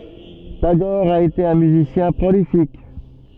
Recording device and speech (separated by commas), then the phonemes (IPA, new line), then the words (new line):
soft in-ear microphone, read sentence
taɡɔʁ a ete œ̃ myzisjɛ̃ pʁolifik
Tagore a été un musicien prolifique.